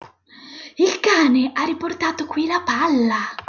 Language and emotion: Italian, surprised